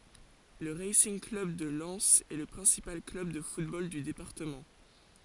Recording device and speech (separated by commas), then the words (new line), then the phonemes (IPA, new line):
forehead accelerometer, read sentence
Le Racing Club de Lens est le principal club de football du département.
lə ʁasinɡ klœb də lɛnz ɛ lə pʁɛ̃sipal klœb də futbol dy depaʁtəmɑ̃